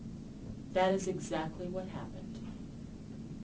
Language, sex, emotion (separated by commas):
English, female, neutral